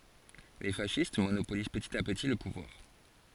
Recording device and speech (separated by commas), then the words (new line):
forehead accelerometer, read sentence
Les fascistes monopolisent petit à petit le pouvoir.